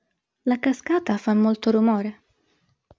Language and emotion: Italian, neutral